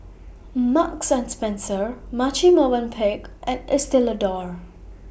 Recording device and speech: boundary microphone (BM630), read sentence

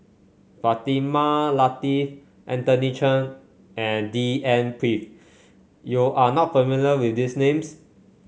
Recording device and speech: mobile phone (Samsung C5), read sentence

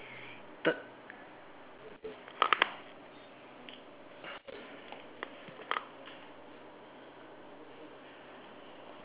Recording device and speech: telephone, conversation in separate rooms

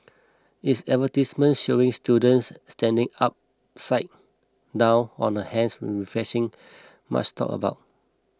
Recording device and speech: close-talking microphone (WH20), read sentence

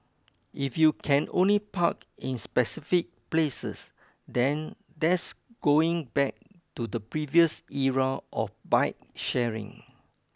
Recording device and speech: close-talking microphone (WH20), read sentence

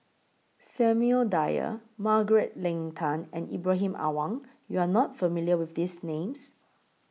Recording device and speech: mobile phone (iPhone 6), read sentence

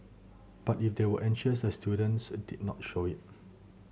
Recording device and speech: mobile phone (Samsung C7100), read sentence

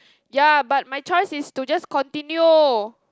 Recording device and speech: close-talking microphone, conversation in the same room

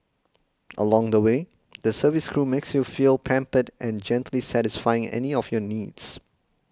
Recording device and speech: close-talking microphone (WH20), read sentence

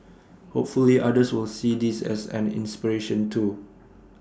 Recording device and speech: standing microphone (AKG C214), read sentence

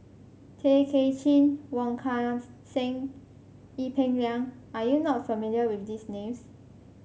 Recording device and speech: mobile phone (Samsung C5), read sentence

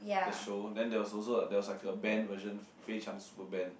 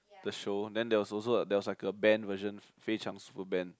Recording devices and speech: boundary microphone, close-talking microphone, conversation in the same room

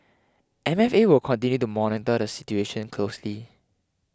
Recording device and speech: close-talking microphone (WH20), read sentence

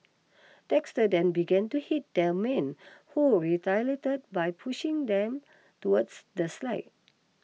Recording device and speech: mobile phone (iPhone 6), read sentence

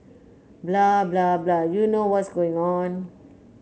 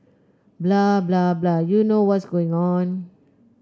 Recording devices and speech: mobile phone (Samsung C9), close-talking microphone (WH30), read sentence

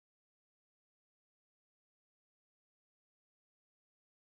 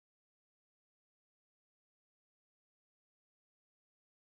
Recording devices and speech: boundary microphone, close-talking microphone, conversation in the same room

